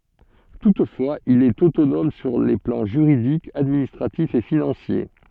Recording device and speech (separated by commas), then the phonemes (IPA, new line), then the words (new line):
soft in-ear microphone, read sentence
tutfwaz il ɛt otonɔm syʁ le plɑ̃ ʒyʁidik administʁatif e finɑ̃sje
Toutefois, il est autonome sur les plans juridique, administratif et financier.